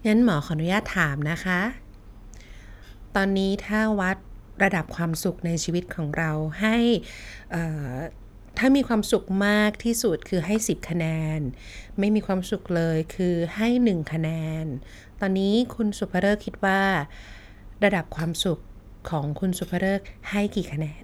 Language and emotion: Thai, neutral